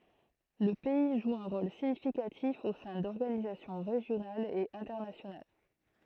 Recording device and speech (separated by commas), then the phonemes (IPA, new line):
throat microphone, read sentence
lə pɛi ʒu œ̃ ʁol siɲifikatif o sɛ̃ dɔʁɡanizasjɔ̃ ʁeʒjonalz e ɛ̃tɛʁnasjonal